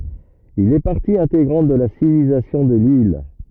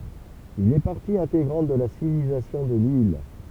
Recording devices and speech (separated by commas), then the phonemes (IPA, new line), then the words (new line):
rigid in-ear microphone, temple vibration pickup, read sentence
il ɛ paʁti ɛ̃teɡʁɑ̃t də la sivilizasjɔ̃ də lil
Il est partie intégrante de la civilisation de l'île.